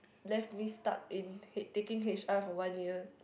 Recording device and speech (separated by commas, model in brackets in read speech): boundary microphone, conversation in the same room